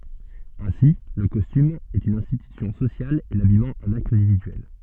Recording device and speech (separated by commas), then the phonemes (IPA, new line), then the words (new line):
soft in-ear microphone, read sentence
ɛ̃si lə kɔstym ɛt yn ɛ̃stitysjɔ̃ sosjal e labijmɑ̃ œ̃n akt ɛ̃dividyɛl
Ainsi le costume est une institution sociale et l'habillement un acte individuel.